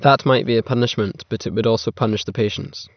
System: none